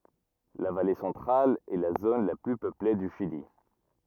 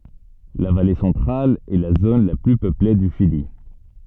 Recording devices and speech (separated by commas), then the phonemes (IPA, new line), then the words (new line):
rigid in-ear microphone, soft in-ear microphone, read sentence
la vale sɑ̃tʁal ɛ la zon la ply pøple dy ʃili
La Vallée Centrale est la zone la plus peuplée du Chili.